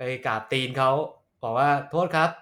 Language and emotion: Thai, frustrated